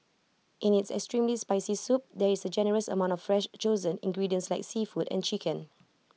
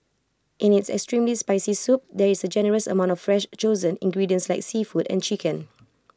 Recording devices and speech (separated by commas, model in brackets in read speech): mobile phone (iPhone 6), close-talking microphone (WH20), read sentence